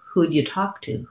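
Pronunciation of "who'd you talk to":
In 'who'd you talk to', 'who'd' links into 'you', and 'you' is reduced.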